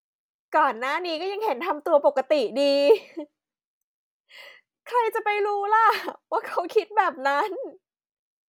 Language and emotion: Thai, happy